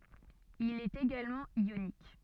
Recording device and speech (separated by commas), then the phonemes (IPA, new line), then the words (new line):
soft in-ear microphone, read sentence
il ɛt eɡalmɑ̃ jonik
Il est également ionique.